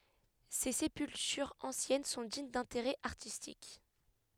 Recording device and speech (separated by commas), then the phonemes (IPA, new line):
headset microphone, read sentence
se sepyltyʁz ɑ̃sjɛn sɔ̃ diɲ dɛ̃teʁɛ aʁtistik